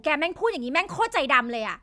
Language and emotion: Thai, angry